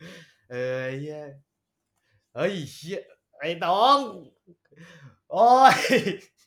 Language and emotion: Thai, happy